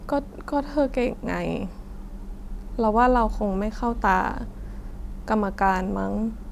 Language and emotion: Thai, sad